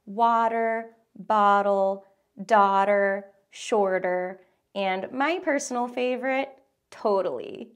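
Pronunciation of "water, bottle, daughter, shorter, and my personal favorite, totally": In 'water', 'bottle', 'daughter', 'shorter' and 'totally', the t between voiced sounds is a tap or flap that sounds more like a D sound.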